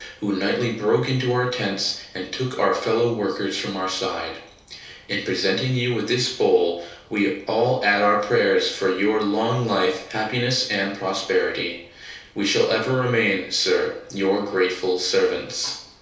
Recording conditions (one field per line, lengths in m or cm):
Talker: one person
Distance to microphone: 3.0 m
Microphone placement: far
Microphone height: 1.8 m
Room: small (3.7 m by 2.7 m)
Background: none